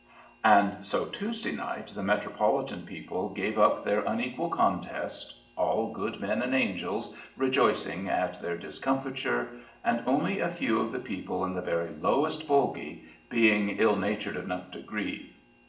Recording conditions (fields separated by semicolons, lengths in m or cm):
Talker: one person; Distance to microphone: 1.8 m; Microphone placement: close; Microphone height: 1.0 m; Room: large; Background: none